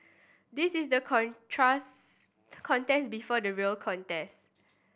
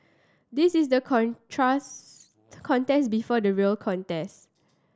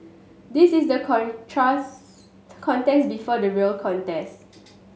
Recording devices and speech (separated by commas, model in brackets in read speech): boundary microphone (BM630), standing microphone (AKG C214), mobile phone (Samsung S8), read sentence